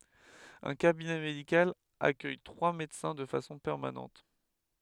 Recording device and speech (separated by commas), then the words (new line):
headset microphone, read sentence
Un cabinet médical accueille trois médecins de façon permanente.